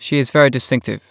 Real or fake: real